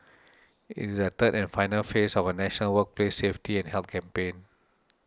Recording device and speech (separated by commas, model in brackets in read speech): standing microphone (AKG C214), read sentence